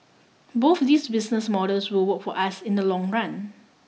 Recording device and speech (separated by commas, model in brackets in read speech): mobile phone (iPhone 6), read sentence